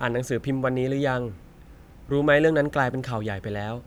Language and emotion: Thai, neutral